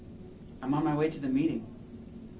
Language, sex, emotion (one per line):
English
male
neutral